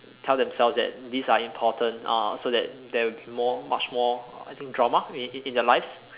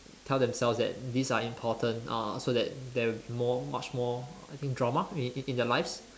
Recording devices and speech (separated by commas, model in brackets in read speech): telephone, standing microphone, conversation in separate rooms